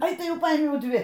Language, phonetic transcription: Lithuanian, ˈai ˈtai ˈjau ˈpaimiau ˈdvi

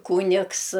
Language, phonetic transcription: Lithuanian, ˈkūnigs

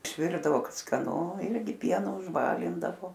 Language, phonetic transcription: Lithuanian, išˈvirdavo ˈkad skaˈnu ˈirgi ˈpienu užˈbalindavo

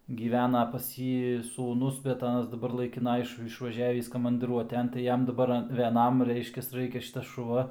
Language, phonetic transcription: Lithuanian, gyˈvena pas ˈjį sūˈnus bet ˈanas daˈbar laikiˈna ˈiš išvaˈžiavįs kamandɨˈruoten tai ˈjam daˈbar veˈnam ˈreiškias ˈraikia ˈšitas šuˈva

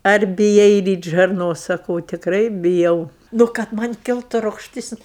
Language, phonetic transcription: Lithuanian, ar biˈjai ˈryt' žarˈnos saˈkau tikˈrai biˈjau ˈnu kad ˈman' ˈkiltu rugšˈtis

